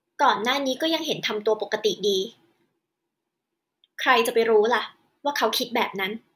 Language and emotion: Thai, frustrated